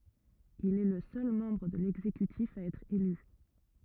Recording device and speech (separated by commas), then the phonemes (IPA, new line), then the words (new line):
rigid in-ear microphone, read sentence
il ɛ lə sœl mɑ̃bʁ də lɛɡzekytif a ɛtʁ ely
Il est le seul membre de l'exécutif à être élu.